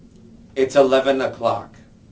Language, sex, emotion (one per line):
English
male
neutral